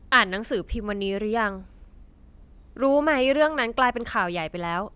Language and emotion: Thai, neutral